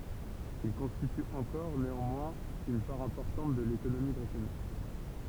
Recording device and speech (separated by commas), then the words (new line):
temple vibration pickup, read sentence
Il constitue encore, néanmoins, une part importante de l'économie britannique.